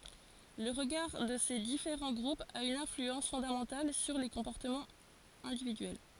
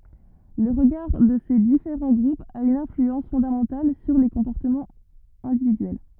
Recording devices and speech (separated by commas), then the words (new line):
forehead accelerometer, rigid in-ear microphone, read sentence
Le regard de ces différents groupes a une influence fondamentale sur les comportements individuels.